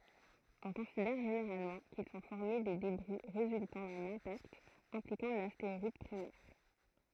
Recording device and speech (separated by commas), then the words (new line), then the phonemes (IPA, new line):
throat microphone, read sentence
On considère généralement qu'ils sont formés des débris résultant d'un impact impliquant l'astéroïde primaire.
ɔ̃ kɔ̃sidɛʁ ʒeneʁalmɑ̃ kil sɔ̃ fɔʁme de debʁi ʁezyltɑ̃ dœ̃n ɛ̃pakt ɛ̃plikɑ̃ lasteʁɔid pʁimɛʁ